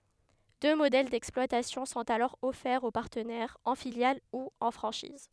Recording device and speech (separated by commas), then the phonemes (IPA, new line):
headset microphone, read sentence
dø modɛl dɛksplwatasjɔ̃ sɔ̃t alɔʁ ɔfɛʁz o paʁtənɛʁz ɑ̃ filjal u ɑ̃ fʁɑ̃ʃiz